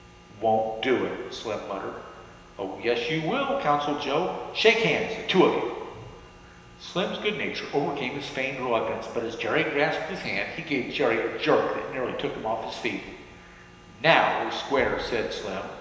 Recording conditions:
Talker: one person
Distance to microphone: 1.7 m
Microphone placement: close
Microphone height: 1.0 m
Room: very reverberant, large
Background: none

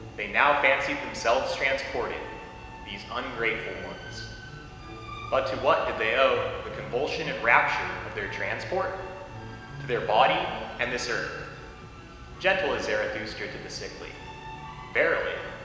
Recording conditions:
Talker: one person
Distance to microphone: 1.7 m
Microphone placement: close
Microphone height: 1.0 m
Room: very reverberant, large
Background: music

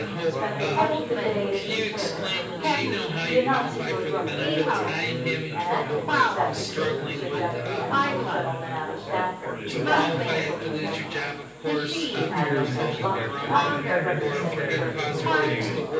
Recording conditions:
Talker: one person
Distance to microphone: 9.8 m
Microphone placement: far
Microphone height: 1.8 m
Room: large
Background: babble

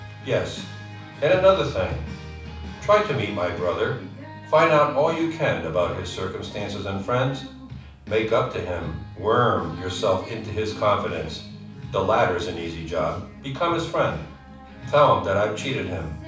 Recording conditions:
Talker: one person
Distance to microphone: 5.8 m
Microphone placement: far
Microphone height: 1.8 m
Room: medium-sized (5.7 m by 4.0 m)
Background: music

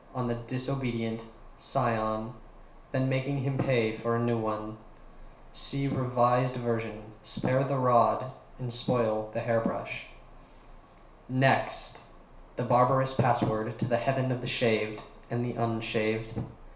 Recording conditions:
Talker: one person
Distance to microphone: 1.0 m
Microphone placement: close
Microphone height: 1.1 m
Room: small (3.7 m by 2.7 m)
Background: none

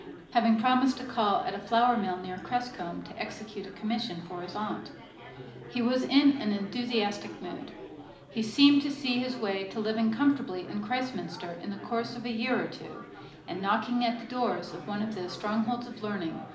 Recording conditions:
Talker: one person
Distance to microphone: 2.0 m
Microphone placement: close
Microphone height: 99 cm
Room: medium-sized (5.7 m by 4.0 m)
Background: babble

